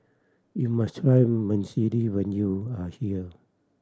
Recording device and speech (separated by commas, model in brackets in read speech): standing microphone (AKG C214), read sentence